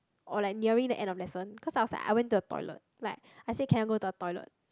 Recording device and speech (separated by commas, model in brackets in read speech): close-talking microphone, conversation in the same room